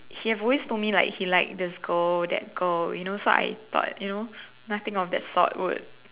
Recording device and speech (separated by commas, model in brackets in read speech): telephone, conversation in separate rooms